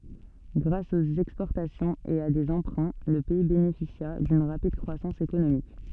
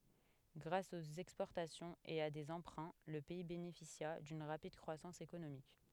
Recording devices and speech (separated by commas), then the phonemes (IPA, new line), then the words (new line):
soft in-ear microphone, headset microphone, read sentence
ɡʁas oə ɛkspɔʁtasjɔ̃ə e a deə ɑ̃pʁɛ̃ lə pɛi benefisja dyn ʁapid kʁwasɑ̃s ekonomik
Grâce aux exportations et à des emprunts, le pays bénéficia d'une rapide croissance économique.